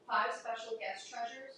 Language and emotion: English, neutral